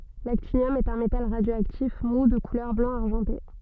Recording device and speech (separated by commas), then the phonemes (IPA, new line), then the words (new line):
soft in-ear microphone, read sentence
laktinjɔm ɛt œ̃ metal ʁadjoaktif mu də kulœʁ blɑ̃ aʁʒɑ̃te
L'actinium est un métal radioactif mou de couleur blanc-argenté.